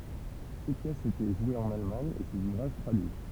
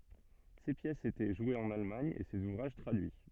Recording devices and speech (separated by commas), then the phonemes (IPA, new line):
temple vibration pickup, soft in-ear microphone, read sentence
se pjɛsz etɛ ʒwez ɑ̃n almaɲ e sez uvʁaʒ tʁadyi